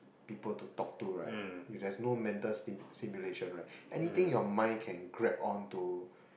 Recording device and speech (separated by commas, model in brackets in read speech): boundary microphone, conversation in the same room